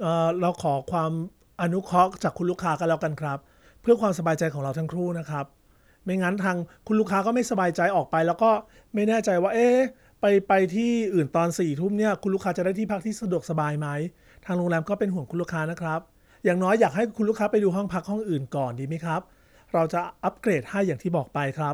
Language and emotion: Thai, neutral